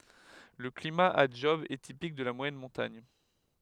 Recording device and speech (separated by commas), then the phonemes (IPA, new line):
headset microphone, read sentence
lə klima a dʒɔb ɛ tipik də la mwajɛn mɔ̃taɲ